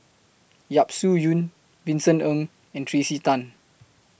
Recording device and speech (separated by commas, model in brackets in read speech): boundary microphone (BM630), read sentence